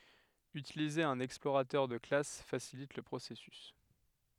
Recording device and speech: headset microphone, read sentence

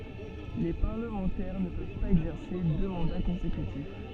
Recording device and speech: soft in-ear microphone, read sentence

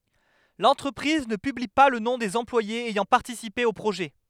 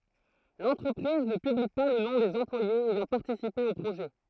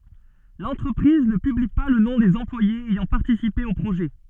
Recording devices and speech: headset microphone, throat microphone, soft in-ear microphone, read sentence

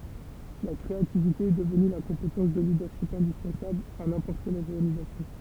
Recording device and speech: temple vibration pickup, read sentence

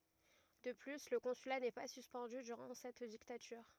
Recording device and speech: rigid in-ear microphone, read sentence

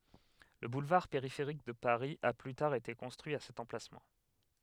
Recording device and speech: headset microphone, read sentence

